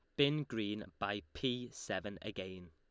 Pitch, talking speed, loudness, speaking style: 105 Hz, 145 wpm, -39 LUFS, Lombard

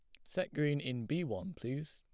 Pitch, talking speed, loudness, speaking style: 145 Hz, 215 wpm, -38 LUFS, plain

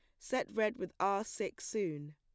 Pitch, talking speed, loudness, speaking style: 195 Hz, 185 wpm, -37 LUFS, plain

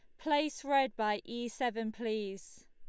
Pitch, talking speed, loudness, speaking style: 235 Hz, 145 wpm, -34 LUFS, Lombard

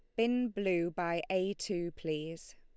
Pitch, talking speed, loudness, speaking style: 180 Hz, 150 wpm, -34 LUFS, Lombard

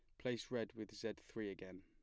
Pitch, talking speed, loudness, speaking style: 110 Hz, 220 wpm, -47 LUFS, plain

